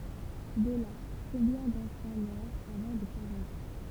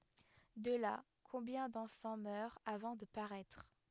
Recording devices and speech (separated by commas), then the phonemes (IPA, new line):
temple vibration pickup, headset microphone, read sentence
də la kɔ̃bjɛ̃ dɑ̃fɑ̃ mœʁt avɑ̃ də paʁɛtʁ